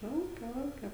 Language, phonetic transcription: Lithuanian, ˈlauke ˈlauke

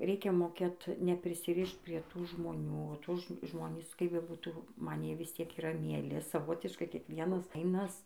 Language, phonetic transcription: Lithuanian, ˈreikia moˈkėt neprisiˈrišt prie ˈtų žmoˈnių ˈtų ˈžmonys kaip beˈbūtų ˈman ˈjie ˈvis ˈtiek yˈra mieˈli saˈvotiškai kiekˈvienas ˈfainas

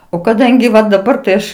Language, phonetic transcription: Lithuanian, o kaˈdangi va daˈbar tai ˈaš

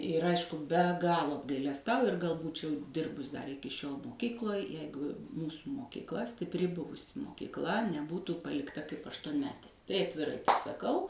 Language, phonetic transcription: Lithuanian, ir ˈaišku be ˈgalo apgailesˈtauju ir gal ˈbūčiau ˈdirbus dar ˈiki šiol moˈkykloj ˈjeigu ˈmūsu mokykˈla stipˈri ˈbuvusi mokykˈla neˈbūtų palikˈta kaip aštuonˈmetė ˈtai atviˈrai saˈkau

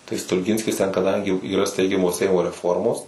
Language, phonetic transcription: Lithuanian, tai stulˈginskis ten kaˈdangi yˈra ˈsteigiamo ˈseimo reˈformos

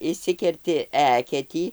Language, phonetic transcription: Lithuanian, išˈsikerti ˈeketį

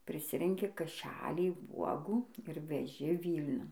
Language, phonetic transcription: Lithuanian, priˈsirenki kaˈšælį ˈvuogų ir veˈži ˈvylniun

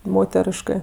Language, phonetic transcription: Lithuanian, ˈmoteriškɜ

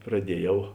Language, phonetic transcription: Lithuanian, praˈdieˌjau

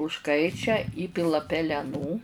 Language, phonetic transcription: Lithuanian, užˈkaičia ˈįpila peleˈnų

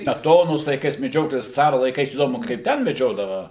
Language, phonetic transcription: Lithuanian, smeˈtonos laiˈkais meˈdžiotojas ˈcara laiˈkais įˈdomu kaip ˈten meˈdžiodava

